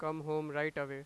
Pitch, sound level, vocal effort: 150 Hz, 96 dB SPL, loud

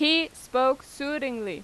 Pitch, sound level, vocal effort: 280 Hz, 91 dB SPL, very loud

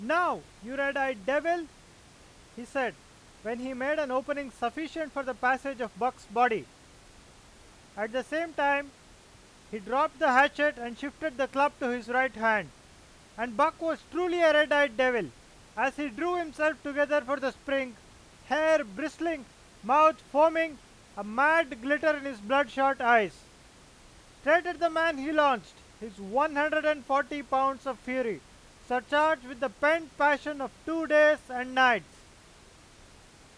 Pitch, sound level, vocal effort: 275 Hz, 101 dB SPL, very loud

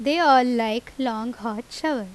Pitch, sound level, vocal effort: 240 Hz, 88 dB SPL, loud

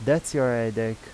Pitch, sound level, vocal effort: 120 Hz, 86 dB SPL, normal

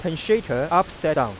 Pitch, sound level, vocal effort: 165 Hz, 94 dB SPL, normal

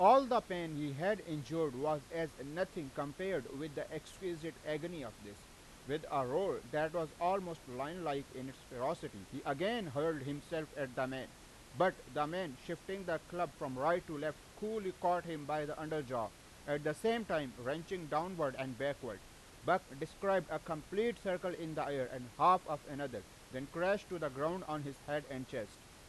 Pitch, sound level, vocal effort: 155 Hz, 95 dB SPL, very loud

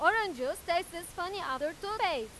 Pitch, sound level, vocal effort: 350 Hz, 101 dB SPL, very loud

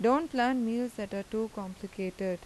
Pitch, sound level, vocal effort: 215 Hz, 86 dB SPL, normal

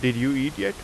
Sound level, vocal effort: 89 dB SPL, loud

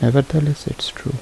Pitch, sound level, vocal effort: 140 Hz, 72 dB SPL, soft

